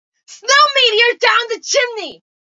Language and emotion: English, disgusted